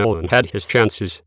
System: TTS, waveform concatenation